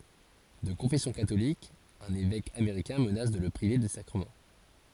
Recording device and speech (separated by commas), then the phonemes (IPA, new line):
forehead accelerometer, read sentence
də kɔ̃fɛsjɔ̃ katolik œ̃n evɛk ameʁikɛ̃ mənas də lə pʁive de sakʁəmɑ̃